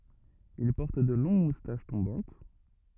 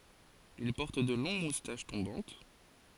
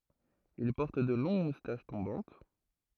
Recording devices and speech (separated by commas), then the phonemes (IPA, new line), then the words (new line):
rigid in-ear microphone, forehead accelerometer, throat microphone, read sentence
il pɔʁt də lɔ̃ɡ mustaʃ tɔ̃bɑ̃t
Il porte de longues moustaches tombantes.